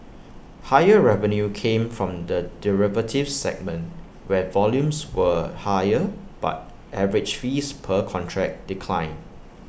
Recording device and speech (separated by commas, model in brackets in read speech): boundary microphone (BM630), read sentence